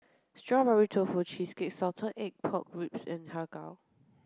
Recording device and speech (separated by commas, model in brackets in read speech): close-talking microphone (WH30), read sentence